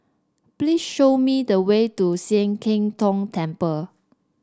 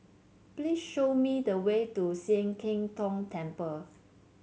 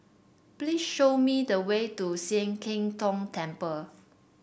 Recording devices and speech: standing microphone (AKG C214), mobile phone (Samsung C7), boundary microphone (BM630), read sentence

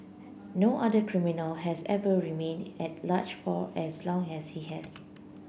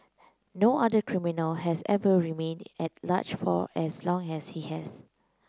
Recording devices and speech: boundary microphone (BM630), close-talking microphone (WH30), read sentence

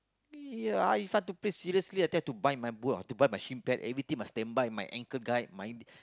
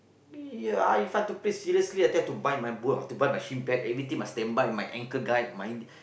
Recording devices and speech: close-talking microphone, boundary microphone, conversation in the same room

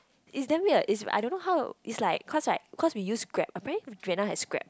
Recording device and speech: close-talking microphone, conversation in the same room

